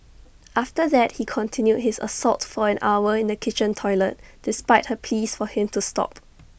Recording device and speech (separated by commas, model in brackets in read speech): boundary microphone (BM630), read sentence